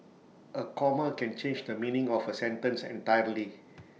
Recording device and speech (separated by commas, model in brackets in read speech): mobile phone (iPhone 6), read sentence